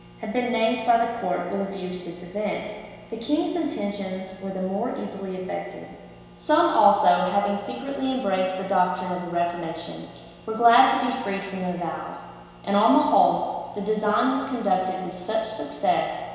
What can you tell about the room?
A big, echoey room.